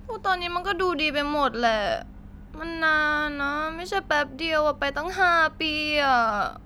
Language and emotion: Thai, sad